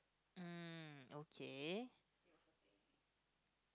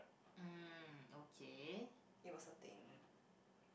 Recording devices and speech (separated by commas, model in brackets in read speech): close-talking microphone, boundary microphone, conversation in the same room